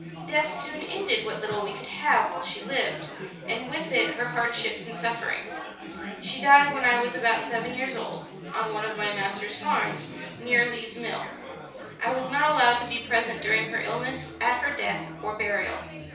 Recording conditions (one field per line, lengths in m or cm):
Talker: one person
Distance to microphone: 3.0 m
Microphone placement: far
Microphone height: 1.8 m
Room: small (3.7 m by 2.7 m)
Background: babble